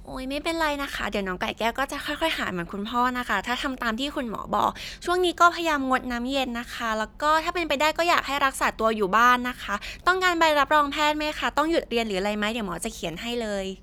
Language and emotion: Thai, happy